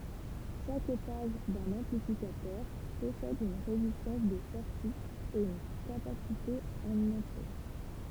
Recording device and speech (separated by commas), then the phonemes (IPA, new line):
temple vibration pickup, read sentence
ʃak etaʒ dœ̃n ɑ̃plifikatœʁ pɔsɛd yn ʁezistɑ̃s də sɔʁti e yn kapasite ɑ̃n ɑ̃tʁe